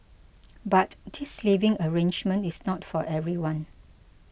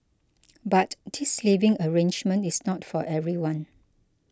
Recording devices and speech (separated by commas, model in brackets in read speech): boundary microphone (BM630), close-talking microphone (WH20), read sentence